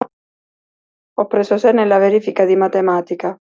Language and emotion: Italian, sad